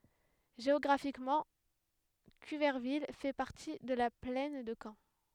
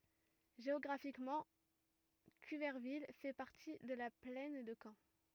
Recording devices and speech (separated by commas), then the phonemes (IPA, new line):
headset microphone, rigid in-ear microphone, read sentence
ʒeɔɡʁafikmɑ̃ kyvɛʁvil fɛ paʁti də la plɛn də kɑ̃